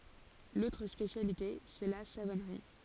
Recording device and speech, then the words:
forehead accelerometer, read sentence
L'autre spécialité, c'est la savonnerie.

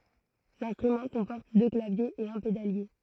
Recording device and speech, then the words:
throat microphone, read sentence
L'instrument comporte deux claviers et un pédalier.

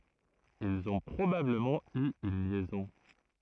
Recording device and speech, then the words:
throat microphone, read sentence
Ils ont probablement eu une liaison.

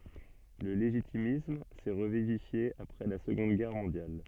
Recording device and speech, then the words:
soft in-ear microphone, read sentence
Le légitimisme s'est revivifié après la Seconde Guerre mondiale.

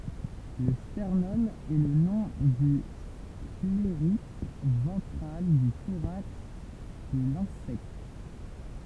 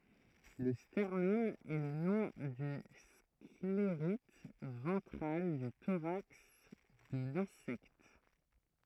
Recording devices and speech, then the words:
temple vibration pickup, throat microphone, read sentence
Le sternum est le nom du sclérite ventral du thorax de l'insecte.

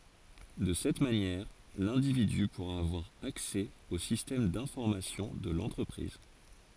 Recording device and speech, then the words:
forehead accelerometer, read sentence
De cette manière l'individu pourra avoir accès au système d'information de l'entreprise.

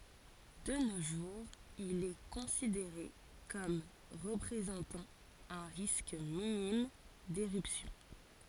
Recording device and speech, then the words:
forehead accelerometer, read sentence
De nos jours, il est considéré comme représentant un risque minime d’éruption.

